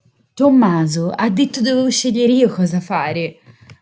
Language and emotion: Italian, surprised